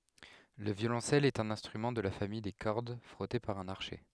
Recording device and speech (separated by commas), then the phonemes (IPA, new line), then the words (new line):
headset microphone, read sentence
lə vjolɔ̃sɛl ɛt œ̃n ɛ̃stʁymɑ̃ də la famij de kɔʁd fʁɔte paʁ œ̃n aʁʃɛ
Le violoncelle est un instrument de la famille des cordes frottées par un archet.